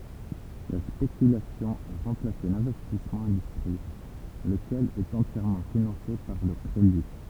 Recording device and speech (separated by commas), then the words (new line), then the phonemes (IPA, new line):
temple vibration pickup, read sentence
La spéculation a remplacé l'investissement industriel, lequel est entièrement financé par le crédit.
la spekylasjɔ̃ a ʁɑ̃plase lɛ̃vɛstismɑ̃ ɛ̃dystʁiɛl ləkɛl ɛt ɑ̃tjɛʁmɑ̃ finɑ̃se paʁ lə kʁedi